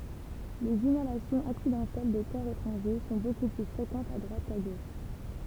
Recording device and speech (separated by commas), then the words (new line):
temple vibration pickup, read sentence
Les inhalations accidentelles de corps étrangers sont beaucoup plus fréquentes à droite qu'à gauche.